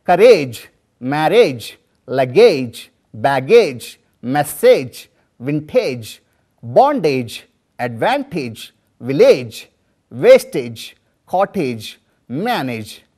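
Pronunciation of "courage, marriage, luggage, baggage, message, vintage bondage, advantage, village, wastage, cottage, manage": These words are pronounced incorrectly here: their final -age ending is said the way it is spelled.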